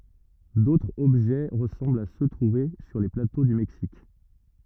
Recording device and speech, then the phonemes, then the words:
rigid in-ear microphone, read sentence
dotʁz ɔbʒɛ ʁəsɑ̃blt a sø tʁuve syʁ le plato dy mɛksik
D'autres objets ressemblent à ceux trouvés sur les plateaux du Mexique.

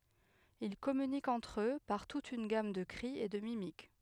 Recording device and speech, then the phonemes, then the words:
headset microphone, read sentence
il kɔmynikt ɑ̃tʁ ø paʁ tut yn ɡam də kʁi e də mimik
Ils communiquent entre eux par toute une gamme de cris et de mimiques.

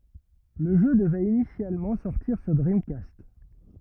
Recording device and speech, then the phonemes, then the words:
rigid in-ear microphone, read sentence
lə ʒø dəvɛt inisjalmɑ̃ sɔʁtiʁ syʁ dʁimkast
Le jeu devait initialement sortir sur Dreamcast.

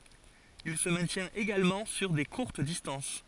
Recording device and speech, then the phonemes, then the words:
forehead accelerometer, read sentence
il sə mɛ̃tjɛ̃t eɡalmɑ̃ syʁ de kuʁt distɑ̃s
Il se maintient également sur des courtes distances.

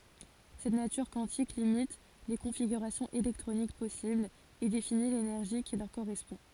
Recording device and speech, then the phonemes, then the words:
forehead accelerometer, read sentence
sɛt natyʁ kwɑ̃tik limit le kɔ̃fiɡyʁasjɔ̃z elɛktʁonik pɔsiblz e defini lenɛʁʒi ki lœʁ koʁɛspɔ̃
Cette nature quantique limite les configurations électroniques possibles et définit l'énergie qui leur correspond.

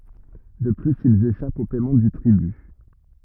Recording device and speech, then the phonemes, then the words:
rigid in-ear microphone, read sentence
də plyz ilz eʃapt o pɛmɑ̃ dy tʁiby
De plus, ils échappent au paiement du tribut.

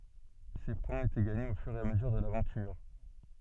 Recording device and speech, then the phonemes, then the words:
soft in-ear microphone, read sentence
se pwɛ̃z etɛ ɡaɲez o fyʁ e a məzyʁ də lavɑ̃tyʁ
Ces points étaient gagnés au fur et à mesure de l'aventure.

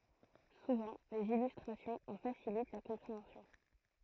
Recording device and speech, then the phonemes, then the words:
throat microphone, read sentence
suvɑ̃ dez ilystʁasjɔ̃z ɑ̃ fasilit la kɔ̃pʁeɑ̃sjɔ̃
Souvent, des illustrations en facilitent la compréhension.

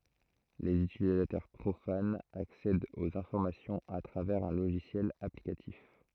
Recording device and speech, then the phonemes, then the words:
throat microphone, read sentence
lez ytilizatœʁ pʁofanz aksɛdt oz ɛ̃fɔʁmasjɔ̃z a tʁavɛʁz œ̃ loʒisjɛl aplikatif
Les utilisateurs profanes accèdent aux informations à travers un logiciel applicatif.

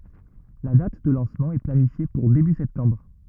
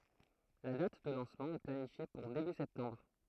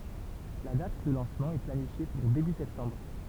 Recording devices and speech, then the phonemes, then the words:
rigid in-ear microphone, throat microphone, temple vibration pickup, read sentence
la dat də lɑ̃smɑ̃ ɛ planifje puʁ deby sɛptɑ̃bʁ
La date de lancement est planifiée pour début septembre.

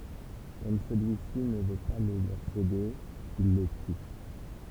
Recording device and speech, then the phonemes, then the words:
temple vibration pickup, read sentence
kɔm səlyisi nə vø pa lə løʁ sede il lə ty
Comme celui-ci ne veut pas le leur céder, ils le tuent.

